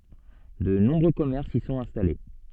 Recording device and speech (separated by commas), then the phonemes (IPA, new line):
soft in-ear microphone, read sentence
də nɔ̃bʁø kɔmɛʁsz i sɔ̃t ɛ̃stale